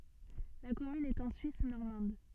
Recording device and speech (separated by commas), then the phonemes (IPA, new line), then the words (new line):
soft in-ear microphone, read sentence
la kɔmyn ɛt ɑ̃ syis nɔʁmɑ̃d
La commune est en Suisse normande.